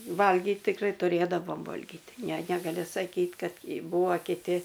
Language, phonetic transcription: Lithuanian, ˈvalgyt tikˈrai tuˈrėdavom ˈvolgit ˈne negaˈli saˈkyt ˈkad ˈbūvo kiˈti

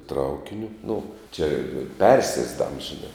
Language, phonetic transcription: Lithuanian, ˈtraukiniu nu čia ˈpersiesdams žiˈna

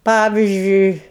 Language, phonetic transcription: Lithuanian, ˈpavizdžiui

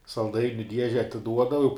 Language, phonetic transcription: Lithuanian, salˈdainiu ˈdieže atiˈduodava jau

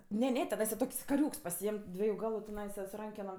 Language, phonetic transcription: Lithuanian, ˈne ˈne teˈnaisa ˈtok's' kaˈriūks paˈsiėm' ˈdvieju ˈgalu tiˈnaisa su ˈrankenom

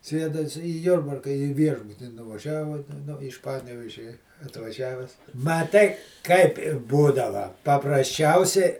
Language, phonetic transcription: Lithuanian, ˈsėda is į ˈjurbarka į ˈviešbutį nuvaˈžiavo nu iš ˈpanevėžia atvaˈžiaves ˈmaˌtai kaip ir ˈbūdava paprasˈčiausiai

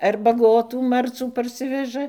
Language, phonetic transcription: Lithuanian, ar baˈgotų ˈmarcų parˈsiveža

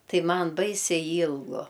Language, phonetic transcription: Lithuanian, ˈtai ˈman ˈbaisiai ˈylgu

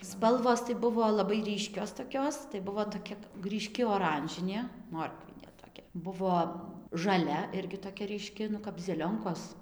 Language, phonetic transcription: Lithuanian, ˈspalvos tai ˈbuvo laˈbai ˈryškios toˈkios tai ˈbuvo toˈkia ryˈški oˈranžinė ˈmorkvinė toˈkia ˈbuvo žaˈlia ˈirgi toˈkia ryˈški nu kap zeˈlionkos

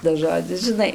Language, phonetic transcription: Lithuanian, tas ˈžodzis žiˈnai

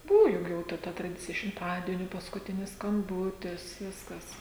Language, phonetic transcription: Lithuanian, ˈbūvu ˈjug jau ˈta ta traˈdicija šimˈtadieniu paskuˈtinis skamˈbūtis ˈviskas

